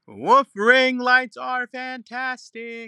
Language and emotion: English, sad